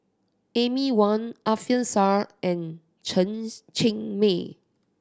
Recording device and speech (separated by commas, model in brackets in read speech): standing microphone (AKG C214), read sentence